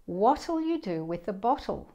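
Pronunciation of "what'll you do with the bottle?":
This is said in a British accent: 'what'll' sounds like 'wattle', not 'waddle'.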